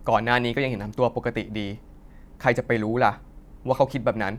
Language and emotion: Thai, frustrated